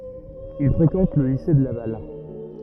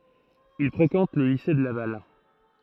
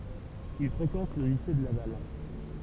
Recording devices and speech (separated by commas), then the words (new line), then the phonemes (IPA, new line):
rigid in-ear microphone, throat microphone, temple vibration pickup, read sentence
Il fréquente le lycée de Laval.
il fʁekɑ̃t lə lise də laval